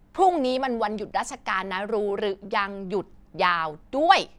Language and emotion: Thai, frustrated